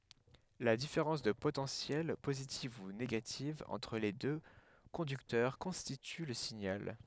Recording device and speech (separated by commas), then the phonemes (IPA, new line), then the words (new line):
headset microphone, read sentence
la difeʁɑ̃s də potɑ̃sjɛl pozitiv u neɡativ ɑ̃tʁ le dø kɔ̃dyktœʁ kɔ̃stity lə siɲal
La différence de potentiel, positive ou négative, entre les deux conducteurs constitue le signal.